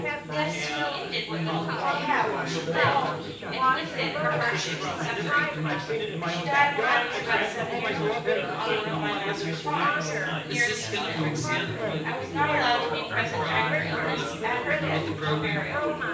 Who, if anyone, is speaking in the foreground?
One person.